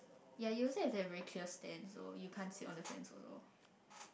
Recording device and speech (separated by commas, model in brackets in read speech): boundary microphone, conversation in the same room